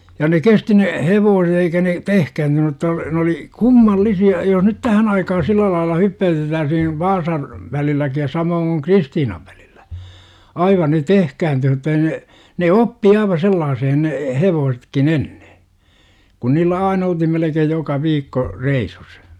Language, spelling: Finnish, ja ne kesti ne hevoset eikä ne tehkääntynyt jotta ne oli kummallisia jos nyt tähän aikaan sillä lailla hyppäytettäisiin Vaasan välilläkin ja samoin kuin Kristiinan välillä aivan ne tehkääntyy mutta ei ne ne oppi aivan sellaiseen ne hevosetkin ennen kun niillä aina oltiin melkein joka viikko reissussa
- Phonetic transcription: ja ne 'kesti ne , "hevoose't ‿eikä ne , 'tehkäyntyny °tta , ne oli , "kummallisi₍a jos nyt "tähän aikahan "sillä lailla 'hyppä₍ytettääsihin , "Vaasan , vä-lilläki ja 'samooŋ kuŋ "Kristiinav VÄLILLÄ , 'aiva ne "tehkääntyyh mutta ei ne , ne "oppi 'aiva 'sellaasehen ne , "hevoosetkin "enne , kun niillä 'ain olthim melekeej joka 'viikko , "reisus .

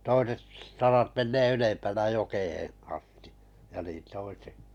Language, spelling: Finnish, toiset sarat menee ylempänä jokeen asti ja niin toisetkin
- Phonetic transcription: 'toiset sarat 'mennee "ylempänä 'jokeheḛ asti , ja niin 'toisek[ki] .

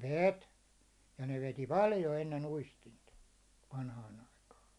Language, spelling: Finnish, veti ja ne veti paljon ennen uistinta vanhaan aikaa
- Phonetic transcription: 'vèt , ja ne 'veti "paljo enne'n ‿uistinta , 'vanhaan̬ ‿aikaa .

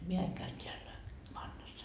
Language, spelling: Finnish, minä aina käyn täällä vannassa
- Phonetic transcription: mie 'aiŋ käyn t́eällä , 'vannassa .

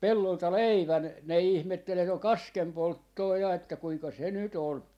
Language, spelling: Finnish, pellolta leivän ne ihmetteli että on kaskenpolttoa ja että kuinka se nyt on
- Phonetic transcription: "pellolta "leivän , ne ihmettel (et ‿on) "kaskempolttoo 'ja että 'kuika se "nyt ‿on , .

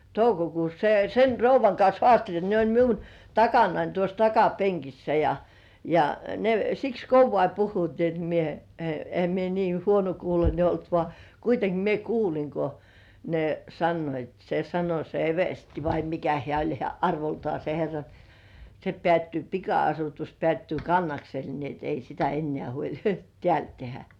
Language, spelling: Finnish, toukokuussa se sen rouvan kanssa haasteli ne oli minun takanani tuossa takapenkissä ja ja ne siksi kovaa puhuivat niin että minä - enhän minä niin huonokuuloinen ollut vaan kuitenkin minä kuulin kun ne sanoivat se sanoi se eversti vai mikä hän oli hän arvoltaan se herra niin se päättyy pika-asutus päättyy Kannaksella niin että ei sitä enää huoli täällä tehdä
- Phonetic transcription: 'toukokuus se 'sen "rouv̆vaŋ kans 'hoàsteĺ ne oĺ miun , 'takanain tuos "takapeŋkissä ja , ja , ne siks "kovvai 'puhhuit ni ‿et mie , e- , e(hä) mie nii "huonokuulońe olt vŏà , 'kuiteŋki mie "kuuliŋ ko , ne 'sannoit se 'sano se "eversti vai 'mikä hĕä̀ oĺ hĕä̀ "arvoltŏà se 'herra ni se "pĕä̀ttyy 'pika₍asutus pĕä̀ttyy Kannaksel ni ‿et 'ei sitä 'ennĕä̀ huoĺ , "tĕä̀§l tehä .

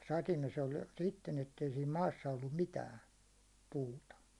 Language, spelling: Finnish, mutta satimessa oli sitten että ei siinä maassa ollut mitään puuta
- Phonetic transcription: (mutta) 'satimes ‿oĺ sitten ‿ettei siim 'maassa ollum 'mitään̬ , 'puuta .

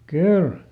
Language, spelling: Finnish, kyllä
- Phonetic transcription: ˈkyl !

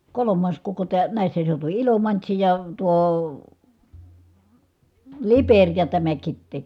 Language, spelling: Finnish, kolmas koko - näissä seutuvin Ilomantsi ja tuo Liperi ja tämä Kitee
- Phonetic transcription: kolom̆maas koko tää- , nä̀issä seutuvi , Ilomantsi ja tuo , Lipeŕ ja tämä Kittee .

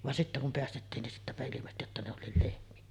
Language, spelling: Finnish, vaan sitten kun päästettiin niin sittenpä ilmestyi jotta ne olikin lehmiä
- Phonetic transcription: van sittä kum 'peästettiin nin sittäpä ilimesty jotta ne 'ol̆liil 'lehmi₍ä .

